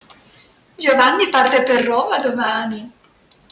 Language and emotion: Italian, happy